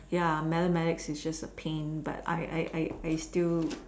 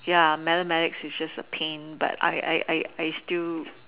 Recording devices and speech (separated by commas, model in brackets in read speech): standing microphone, telephone, conversation in separate rooms